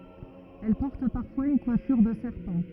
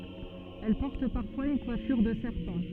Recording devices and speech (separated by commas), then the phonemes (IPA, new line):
rigid in-ear microphone, soft in-ear microphone, read sentence
ɛl pɔʁt paʁfwaz yn kwafyʁ də sɛʁpɑ̃